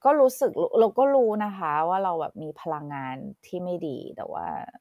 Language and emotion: Thai, frustrated